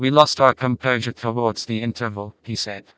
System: TTS, vocoder